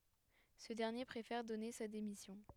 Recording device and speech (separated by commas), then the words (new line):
headset microphone, read sentence
Ce dernier préfère donner sa démission.